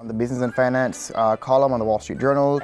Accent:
Jamaican accent